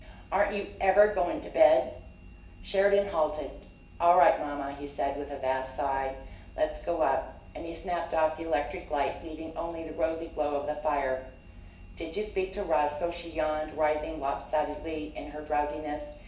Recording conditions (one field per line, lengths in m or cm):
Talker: one person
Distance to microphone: 1.8 m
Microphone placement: close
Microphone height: 1.0 m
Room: large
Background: none